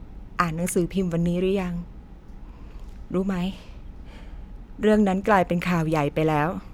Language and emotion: Thai, sad